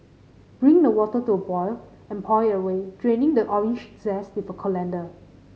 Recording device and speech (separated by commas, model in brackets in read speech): mobile phone (Samsung C5010), read sentence